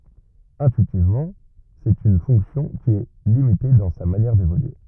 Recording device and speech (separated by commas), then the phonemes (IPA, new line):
rigid in-ear microphone, read sentence
ɛ̃tyitivmɑ̃ sɛt yn fɔ̃ksjɔ̃ ki ɛ limite dɑ̃ sa manjɛʁ devolye